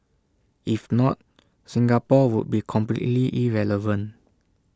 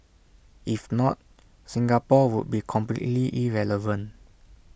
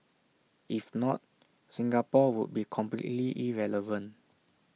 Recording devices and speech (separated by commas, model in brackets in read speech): standing microphone (AKG C214), boundary microphone (BM630), mobile phone (iPhone 6), read sentence